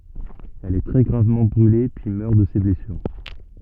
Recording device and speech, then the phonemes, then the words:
soft in-ear microphone, read sentence
ɛl ɛ tʁɛ ɡʁavmɑ̃ bʁyle pyi mœʁ də se blɛsyʁ
Elle est très gravement brûlée puis meurt de ses blessures.

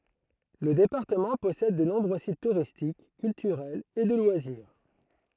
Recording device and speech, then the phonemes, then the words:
throat microphone, read sentence
lə depaʁtəmɑ̃ pɔsɛd də nɔ̃bʁø sit tuʁistik kyltyʁɛlz e də lwaziʁ
Le département possède de nombreux sites touristiques, culturels et de loisirs.

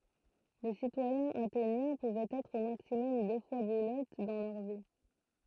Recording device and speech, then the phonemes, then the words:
throat microphone, read sentence
le sitwajɛ̃z atenjɛ̃ puvɛt ɛtʁ o maksimɔm dø fwa buløt dɑ̃ lœʁ vi
Les citoyens athéniens pouvaient être au maximum deux fois bouleutes dans leur vie.

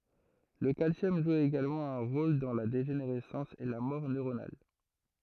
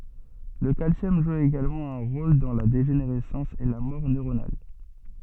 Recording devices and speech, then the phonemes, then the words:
throat microphone, soft in-ear microphone, read sentence
lə kalsjɔm ʒu eɡalmɑ̃ œ̃ ʁol dɑ̃ la deʒeneʁɛsɑ̃s e la mɔʁ nøʁonal
Le calcium joue également un rôle dans la dégénérescence et la mort neuronale.

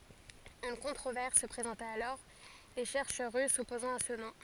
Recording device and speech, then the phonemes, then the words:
forehead accelerometer, read sentence
yn kɔ̃tʁovɛʁs sə pʁezɑ̃ta alɔʁ le ʃɛʁʃœʁ ʁys sɔpozɑ̃t a sə nɔ̃
Une controverse se présenta alors, les chercheurs russes s'opposant à ce nom.

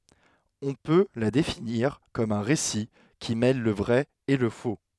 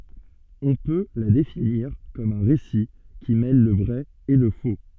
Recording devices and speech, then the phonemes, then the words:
headset microphone, soft in-ear microphone, read sentence
ɔ̃ pø la definiʁ kɔm œ̃ ʁesi ki mɛl lə vʁɛ e lə fo
On peut la définir comme un récit qui mêle le vrai et le faux.

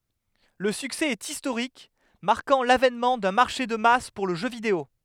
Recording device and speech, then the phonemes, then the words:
headset microphone, read sentence
lə syksɛ ɛt istoʁik maʁkɑ̃ lavɛnmɑ̃ dœ̃ maʁʃe də mas puʁ lə ʒø video
Le succès est historique, marquant l’avènement d’un marché de masse pour le jeu vidéo.

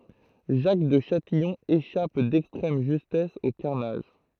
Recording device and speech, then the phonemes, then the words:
throat microphone, read sentence
ʒak də ʃatijɔ̃ eʃap dɛkstʁɛm ʒystɛs o kaʁnaʒ
Jacques de Châtillon échappe d'extrême justesse au carnage.

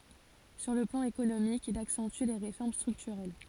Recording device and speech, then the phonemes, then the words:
forehead accelerometer, read sentence
syʁ lə plɑ̃ ekonomik il aksɑ̃ty le ʁefɔʁm stʁyktyʁɛl
Sur le plan économique, il accentue les réformes structurelles.

